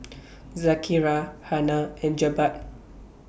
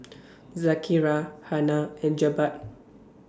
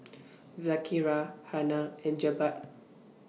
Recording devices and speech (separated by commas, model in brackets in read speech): boundary microphone (BM630), standing microphone (AKG C214), mobile phone (iPhone 6), read sentence